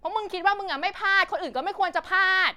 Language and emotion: Thai, angry